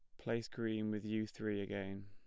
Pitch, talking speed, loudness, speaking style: 105 Hz, 195 wpm, -41 LUFS, plain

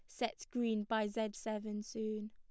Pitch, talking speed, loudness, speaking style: 220 Hz, 170 wpm, -39 LUFS, Lombard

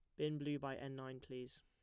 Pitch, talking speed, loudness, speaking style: 135 Hz, 250 wpm, -46 LUFS, plain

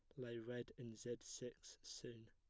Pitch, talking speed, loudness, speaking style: 120 Hz, 170 wpm, -52 LUFS, plain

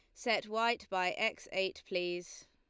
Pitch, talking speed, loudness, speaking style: 190 Hz, 155 wpm, -35 LUFS, Lombard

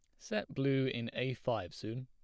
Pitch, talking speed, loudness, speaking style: 125 Hz, 195 wpm, -37 LUFS, plain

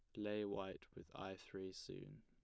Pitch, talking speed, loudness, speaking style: 95 Hz, 180 wpm, -49 LUFS, plain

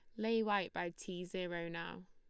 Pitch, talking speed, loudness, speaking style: 180 Hz, 190 wpm, -40 LUFS, Lombard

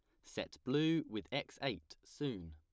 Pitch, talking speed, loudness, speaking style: 130 Hz, 155 wpm, -40 LUFS, plain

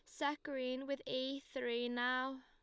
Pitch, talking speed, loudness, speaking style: 260 Hz, 160 wpm, -40 LUFS, Lombard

